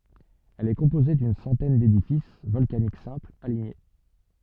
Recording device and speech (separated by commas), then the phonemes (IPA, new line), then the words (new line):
soft in-ear microphone, read sentence
ɛl ɛ kɔ̃poze dyn sɑ̃tɛn dedifis vɔlkanik sɛ̃plz aliɲe
Elle est composée d'une centaine d'édifices volcaniques simples, alignés.